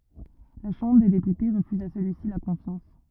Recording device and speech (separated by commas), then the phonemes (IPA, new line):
rigid in-ear microphone, read sentence
la ʃɑ̃bʁ de depyte ʁəfyz a səlyisi la kɔ̃fjɑ̃s